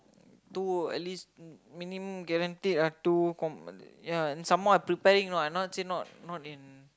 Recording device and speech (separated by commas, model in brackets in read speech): close-talking microphone, conversation in the same room